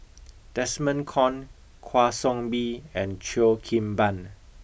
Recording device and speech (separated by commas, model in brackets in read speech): boundary microphone (BM630), read sentence